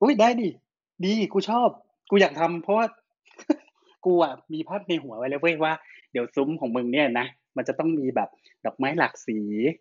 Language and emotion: Thai, happy